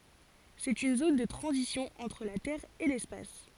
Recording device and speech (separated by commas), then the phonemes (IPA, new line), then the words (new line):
forehead accelerometer, read sentence
sɛt yn zon də tʁɑ̃zisjɔ̃ ɑ̃tʁ la tɛʁ e lɛspas
C'est une zone de transition entre la Terre et l'Espace.